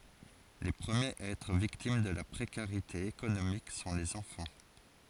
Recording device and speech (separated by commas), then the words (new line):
forehead accelerometer, read sentence
Les premiers à être victimes de la précarité économique sont les enfants.